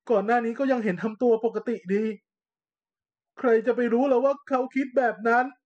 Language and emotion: Thai, sad